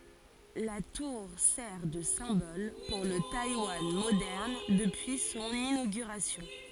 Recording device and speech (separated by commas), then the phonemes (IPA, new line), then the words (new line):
forehead accelerometer, read sentence
la tuʁ sɛʁ də sɛ̃bɔl puʁ lə tajwan modɛʁn dəpyi sɔ̃n inoɡyʁasjɔ̃
La tour sert de symbole pour le Taïwan moderne depuis son inauguration.